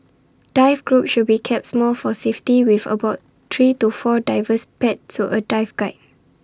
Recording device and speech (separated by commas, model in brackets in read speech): standing microphone (AKG C214), read sentence